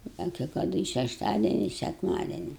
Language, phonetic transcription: Lithuanian, ˈda kei kaˈdu i šešˈtadieni i sekˈmadieni

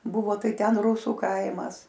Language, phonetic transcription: Lithuanian, ˈbuvo ˈtai ˈten ˈrūsų ˈkaimas

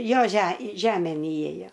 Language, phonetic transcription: Lithuanian, ˈjo že ˈžemėn iˈėjo

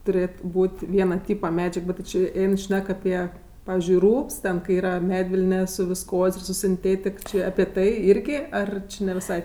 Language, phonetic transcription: Lithuanian, tuˈrėt ˈbūt' ˈviena ˈtypa ˈmedžiag ˈbet ti ˈčė ˈein ˈšnek aˈpie ˈpavizdžiui ˈrūbs ten kai ˈyra ˈmedvilne su visˈkoz' ir su sinˈtėtik či api ˈtai ˈirgi ˈar či ne viˈsai

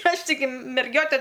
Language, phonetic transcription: Lithuanian, ˈaš tiˈgi merˈgiote

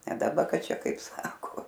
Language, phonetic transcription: Lithuanian, ne daˈba ˈkad ˈčia ˈkaip ˈsako

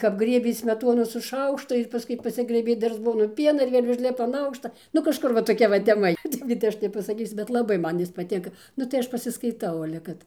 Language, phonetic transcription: Lithuanian, kap ˈgriebė ˈsmetonu su ˈšaukštu ir paˈskui paˈsigrɘbė ˈdar ˈzbonu ˈpiena ir ˈvėl' užˈlipa an ˈaukšta nu kažˈkur va toˈkia va teˈma i ˈtaip kad ˈaš nepasaˈkysiu bet laˈbai ˈjis ˈman paˈtinka ˈnu tai ˈaš pasiskaiˈtau ale ˈkad

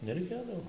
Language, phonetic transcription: Lithuanian, nereiˈkėdavo

